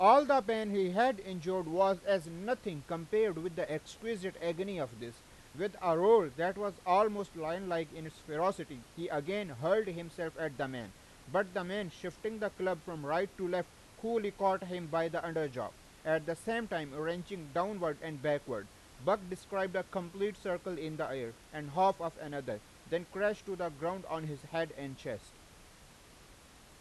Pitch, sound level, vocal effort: 175 Hz, 96 dB SPL, very loud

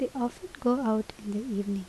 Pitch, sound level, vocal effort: 225 Hz, 74 dB SPL, soft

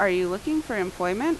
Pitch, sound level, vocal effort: 190 Hz, 86 dB SPL, loud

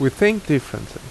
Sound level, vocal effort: 82 dB SPL, loud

